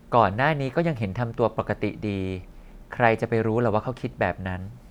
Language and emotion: Thai, neutral